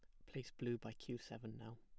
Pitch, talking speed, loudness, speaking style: 120 Hz, 240 wpm, -49 LUFS, plain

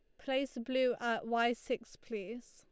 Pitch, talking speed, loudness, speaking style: 240 Hz, 155 wpm, -36 LUFS, Lombard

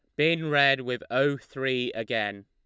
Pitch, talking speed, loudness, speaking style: 130 Hz, 160 wpm, -26 LUFS, Lombard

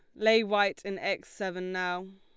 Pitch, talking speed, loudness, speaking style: 195 Hz, 185 wpm, -29 LUFS, Lombard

